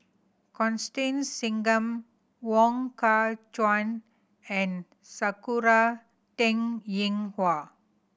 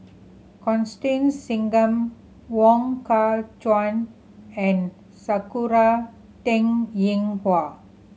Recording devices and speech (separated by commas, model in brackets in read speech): boundary microphone (BM630), mobile phone (Samsung C7100), read sentence